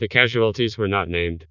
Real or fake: fake